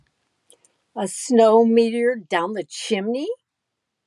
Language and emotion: English, disgusted